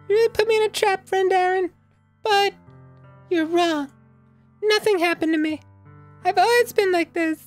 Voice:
Falsetto